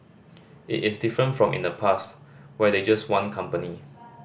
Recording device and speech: boundary microphone (BM630), read sentence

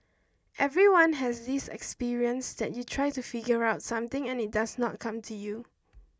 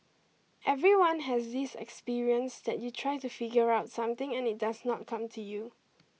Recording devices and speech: standing microphone (AKG C214), mobile phone (iPhone 6), read sentence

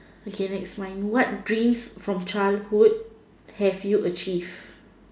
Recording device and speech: standing microphone, conversation in separate rooms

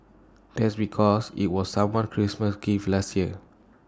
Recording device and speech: standing microphone (AKG C214), read sentence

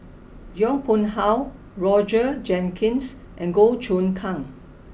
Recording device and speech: boundary microphone (BM630), read sentence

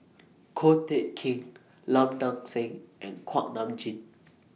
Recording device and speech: mobile phone (iPhone 6), read sentence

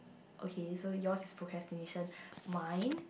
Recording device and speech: boundary microphone, conversation in the same room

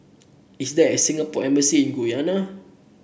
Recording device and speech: boundary microphone (BM630), read sentence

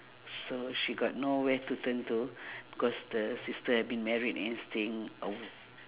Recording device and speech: telephone, conversation in separate rooms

